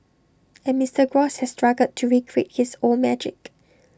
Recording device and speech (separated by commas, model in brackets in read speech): standing microphone (AKG C214), read sentence